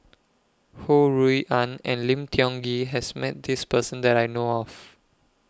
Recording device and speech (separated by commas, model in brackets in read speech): close-talking microphone (WH20), read sentence